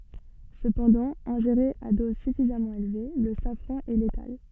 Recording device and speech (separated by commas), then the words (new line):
soft in-ear microphone, read sentence
Cependant, ingéré à dose suffisamment élevée, le safran est létal.